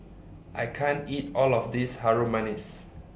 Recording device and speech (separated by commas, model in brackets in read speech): boundary microphone (BM630), read sentence